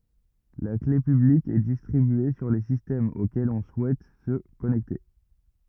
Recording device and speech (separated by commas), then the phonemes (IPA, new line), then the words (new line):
rigid in-ear microphone, read sentence
la kle pyblik ɛ distʁibye syʁ le sistɛmz okɛlz ɔ̃ suɛt sə kɔnɛkte
La clé publique est distribuée sur les systèmes auxquels on souhaite se connecter.